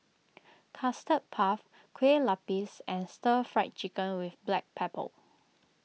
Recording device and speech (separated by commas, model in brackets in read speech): mobile phone (iPhone 6), read sentence